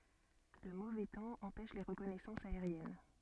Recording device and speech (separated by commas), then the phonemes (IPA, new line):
soft in-ear microphone, read sentence
lə movɛ tɑ̃ ɑ̃pɛʃ le ʁəkɔnɛsɑ̃sz aeʁjɛn